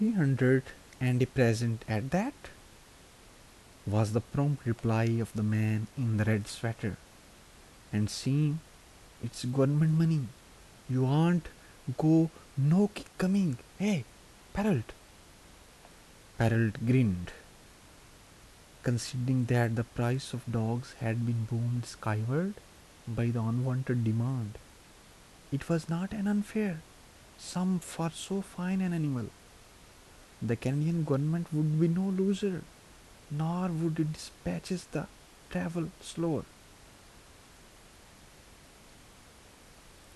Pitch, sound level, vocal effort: 130 Hz, 76 dB SPL, soft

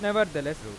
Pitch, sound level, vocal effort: 155 Hz, 95 dB SPL, normal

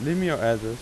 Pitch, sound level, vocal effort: 125 Hz, 89 dB SPL, normal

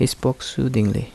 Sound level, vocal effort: 73 dB SPL, soft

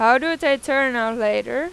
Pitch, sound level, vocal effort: 270 Hz, 96 dB SPL, loud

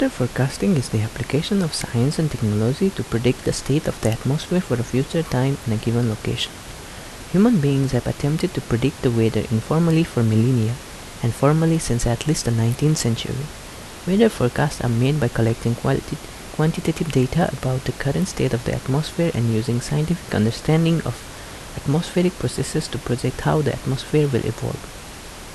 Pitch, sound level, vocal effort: 130 Hz, 74 dB SPL, soft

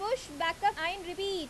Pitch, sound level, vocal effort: 370 Hz, 92 dB SPL, very loud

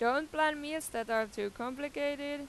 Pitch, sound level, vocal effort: 285 Hz, 93 dB SPL, loud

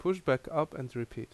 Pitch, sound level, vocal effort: 130 Hz, 81 dB SPL, normal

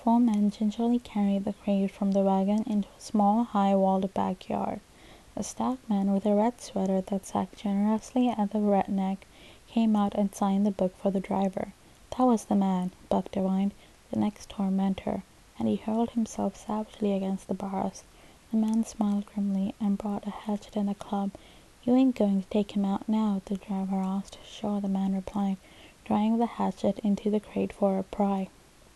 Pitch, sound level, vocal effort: 200 Hz, 72 dB SPL, soft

